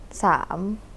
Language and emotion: Thai, sad